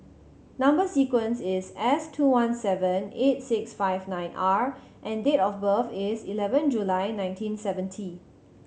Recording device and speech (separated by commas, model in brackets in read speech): mobile phone (Samsung C7100), read sentence